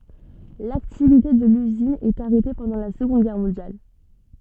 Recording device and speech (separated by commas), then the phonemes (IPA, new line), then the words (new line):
soft in-ear microphone, read sentence
laktivite də lyzin ɛt aʁɛte pɑ̃dɑ̃ la səɡɔ̃d ɡɛʁ mɔ̃djal
L'activité de l'usine est arrêtée pendant la Seconde Guerre mondiale.